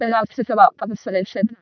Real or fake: fake